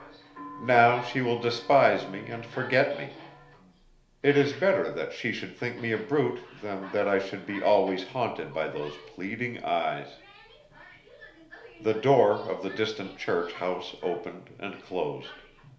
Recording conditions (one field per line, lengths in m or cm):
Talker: one person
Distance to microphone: 1.0 m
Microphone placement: close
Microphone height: 1.1 m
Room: small (3.7 m by 2.7 m)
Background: television